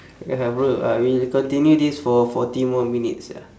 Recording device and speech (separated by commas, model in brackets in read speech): standing microphone, conversation in separate rooms